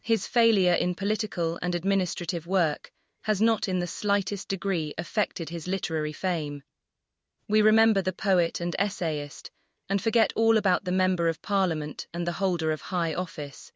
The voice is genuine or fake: fake